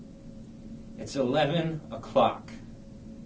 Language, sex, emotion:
English, male, disgusted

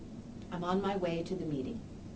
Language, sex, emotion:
English, female, neutral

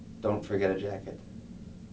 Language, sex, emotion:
English, male, neutral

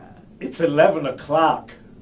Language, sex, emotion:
English, male, disgusted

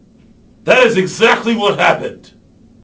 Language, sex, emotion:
English, male, angry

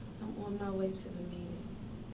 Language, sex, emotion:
English, female, sad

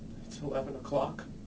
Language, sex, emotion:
English, male, fearful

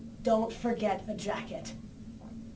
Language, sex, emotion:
English, female, angry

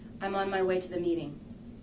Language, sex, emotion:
English, female, neutral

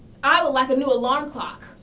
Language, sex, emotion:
English, female, angry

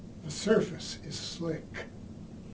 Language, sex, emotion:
English, male, neutral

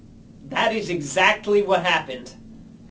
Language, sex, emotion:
English, male, angry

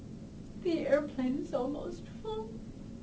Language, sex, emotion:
English, female, sad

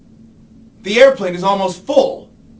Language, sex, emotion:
English, male, angry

